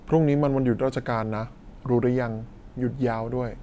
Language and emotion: Thai, neutral